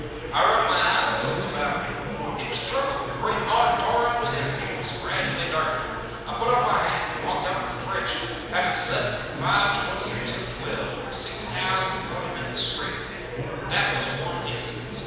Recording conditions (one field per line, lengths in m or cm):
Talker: one person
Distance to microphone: 7.1 m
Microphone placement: far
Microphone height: 1.7 m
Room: very reverberant, large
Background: babble